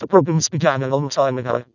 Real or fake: fake